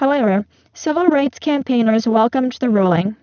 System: VC, spectral filtering